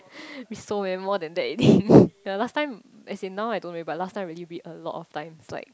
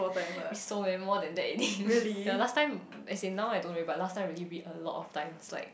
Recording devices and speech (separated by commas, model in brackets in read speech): close-talking microphone, boundary microphone, conversation in the same room